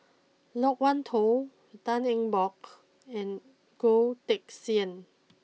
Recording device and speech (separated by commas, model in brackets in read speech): mobile phone (iPhone 6), read sentence